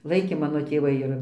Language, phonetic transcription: Lithuanian, ˈlaikė ˈmano tėˈvai ir

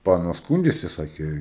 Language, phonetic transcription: Lithuanian, ˈpanos ˈskūndėsi ˈsakė

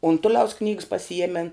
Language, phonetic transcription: Lithuanian, unˈtuliaus knygs pasiˈjiemen

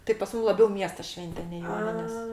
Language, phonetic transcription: Lithuanian, tai pas ˈmūm laˈbiau ˈmiesta ˈšvente nei ˈjoninės

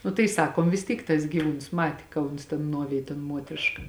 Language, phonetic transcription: Lithuanian, nu tai ˈsakom vis ˈtyk tas gyˈvūns ˈmati ka ˈuns tėn ˈnuovėj ton ˈmuotriška

